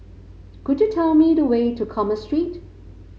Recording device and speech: mobile phone (Samsung C5), read sentence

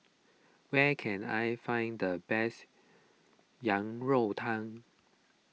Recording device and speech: mobile phone (iPhone 6), read sentence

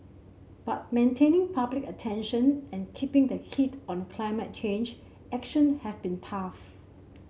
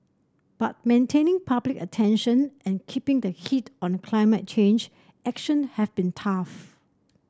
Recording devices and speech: mobile phone (Samsung C7), standing microphone (AKG C214), read sentence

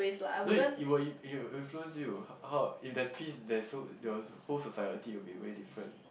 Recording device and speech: boundary microphone, conversation in the same room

